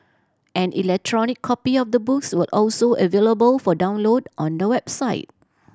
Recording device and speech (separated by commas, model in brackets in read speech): standing microphone (AKG C214), read sentence